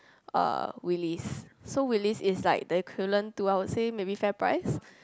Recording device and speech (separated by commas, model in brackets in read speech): close-talking microphone, conversation in the same room